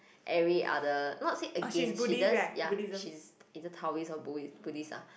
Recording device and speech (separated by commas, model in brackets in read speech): boundary microphone, conversation in the same room